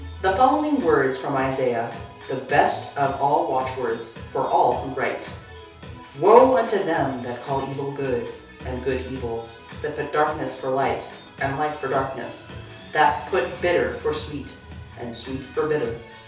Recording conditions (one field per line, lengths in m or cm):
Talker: one person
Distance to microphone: 3.0 m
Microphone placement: far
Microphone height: 1.8 m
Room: small (3.7 m by 2.7 m)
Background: music